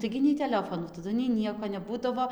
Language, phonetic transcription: Lithuanian, ˈtaigi nei teˈlefonų taˈdu nei ˈnieko neˈbūdavo

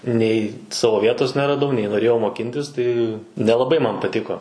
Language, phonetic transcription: Lithuanian, nei ˈsavo ˈvietos neraˈdau nei noˈrėjau moˈkintis ˈtai nelaˈbai ˈman paˈtiko

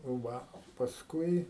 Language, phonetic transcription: Lithuanian, ˈva pasˈkui

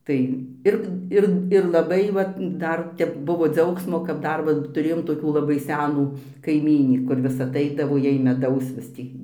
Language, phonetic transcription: Lithuanian, ˈtai ˈir ˈir ir laˈbai ˈvat ˈdar ˈtep ˈbuvo ˈdziaugsmo kad ˈdar va tuˈrėjom toˈkių laˈbai ˈsenų kaiˈmynį kur ˈvis aˈtaidavo ˈjai meˈdaus vis ˈtį

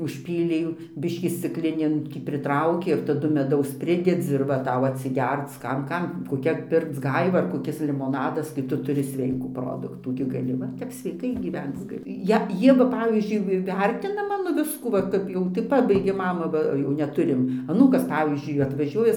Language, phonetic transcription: Lithuanian, užˈpylei ˈjų ˈbiškį scikˈlinėn ˈtį pritˈraukė ir taˈdu meˈdaus ˈpridedzi ir ˈva ˈtau atsiˈgerc ˈkam ˈkam koˈkia ˈpirkc ˈgaiva ar koˈkis limoˈnadas kai ˈtu tuˈri ˈsveikų ˈproduktų gi gaˈli ˈva tep sveiˈkai gyˈvenc gaˈli ˈje ˈjie va ˈpavyzdžiui vi ˈvertina ˈmano ˈviskų ˈva ˈkap jau tai ˈpabaigėm ˈmama ˈva ˈjau neˈturim aˈnūkas ˈpavyzdžiui atvaˈžiuoja

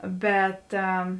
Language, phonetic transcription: Lithuanian, ˈbet

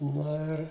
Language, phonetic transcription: Lithuanian, ˈno ir

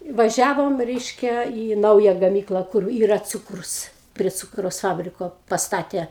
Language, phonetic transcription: Lithuanian, vaˈžiavom ˈreiške į ˈnauja gaˈmykla kur ˈyra ˈcūkrus prie ˈcūkraus ˈfabriko pasˈtatė

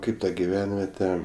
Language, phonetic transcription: Lithuanian, ˈkaip ta giˈvenviete

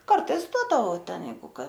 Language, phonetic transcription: Lithuanian, karˈtais ˈduodavau ˈten ˈjeigu ˈka

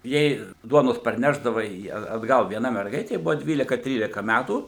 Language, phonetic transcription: Lithuanian, ˈjai ˈduonos parˈnešdava i at atˈgal vieˈna merˈgaitė ˈbuvo ˈdvylika ˈtrylika ˈmætų

